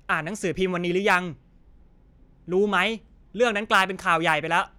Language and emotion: Thai, frustrated